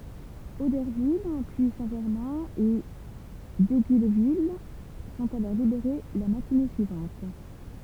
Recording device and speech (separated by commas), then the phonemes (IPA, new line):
temple vibration pickup, read sentence
odɛʁvil pyi sɛ̃tʒɛʁmɛ̃ e diɡylvil sɔ̃t alɔʁ libeʁe la matine syivɑ̃t